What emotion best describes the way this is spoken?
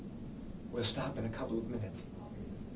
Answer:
neutral